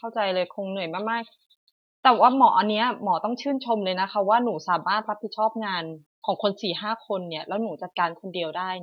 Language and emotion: Thai, neutral